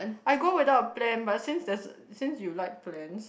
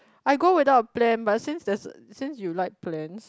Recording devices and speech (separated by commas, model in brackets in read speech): boundary microphone, close-talking microphone, conversation in the same room